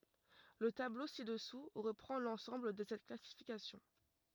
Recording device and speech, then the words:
rigid in-ear microphone, read sentence
Le tableau ci-dessous reprend l'ensemble de cette classification.

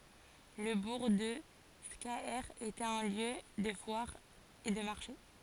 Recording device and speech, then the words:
forehead accelerometer, read sentence
Le bourg de Scaër était un lieu de foire et de marché.

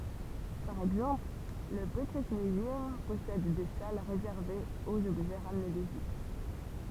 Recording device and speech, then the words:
temple vibration pickup, read sentence
Par exemple, le British Museum possède des salles réservées aux objets ramenés d'Égypte.

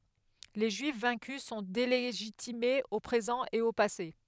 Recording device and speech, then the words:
headset microphone, read sentence
Les Juifs vaincus sont délégitimés au présent et au passé.

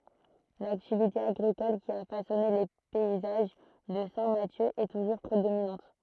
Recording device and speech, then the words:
throat microphone, read sentence
L'activité agricole qui a façonné les paysages de Saint-Mathieu est toujours prédominante.

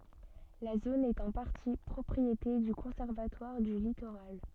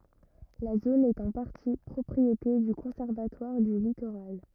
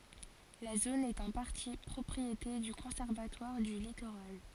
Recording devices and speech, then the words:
soft in-ear microphone, rigid in-ear microphone, forehead accelerometer, read sentence
La zone est en partie propriété du Conservatoire du littoral.

